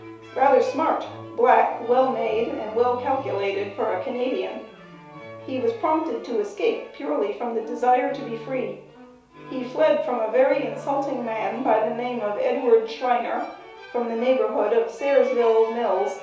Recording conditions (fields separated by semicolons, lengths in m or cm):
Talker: one person; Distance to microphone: 3.0 m; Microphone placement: far; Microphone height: 1.8 m; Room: small (3.7 m by 2.7 m); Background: music